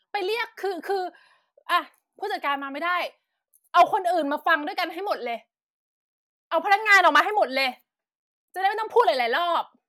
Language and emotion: Thai, angry